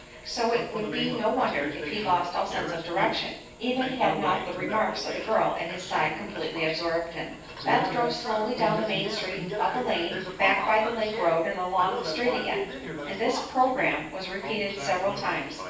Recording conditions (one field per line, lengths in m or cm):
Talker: one person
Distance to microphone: 9.8 m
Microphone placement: far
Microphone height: 1.8 m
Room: large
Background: television